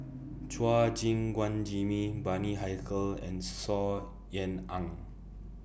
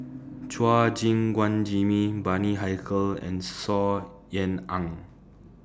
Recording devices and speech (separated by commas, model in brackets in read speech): boundary microphone (BM630), standing microphone (AKG C214), read sentence